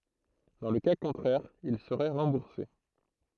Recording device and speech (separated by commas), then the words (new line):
throat microphone, read sentence
Dans le cas contraire, ils seraient remboursés.